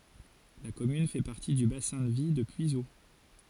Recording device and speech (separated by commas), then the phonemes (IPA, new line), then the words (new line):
forehead accelerometer, read sentence
la kɔmyn fɛ paʁti dy basɛ̃ də vi də pyizo
La commune fait partie du bassin de vie de Puiseaux.